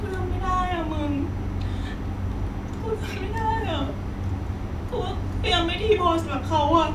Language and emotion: Thai, sad